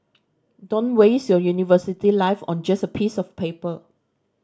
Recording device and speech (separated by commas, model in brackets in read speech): standing microphone (AKG C214), read sentence